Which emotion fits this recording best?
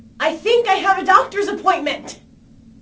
fearful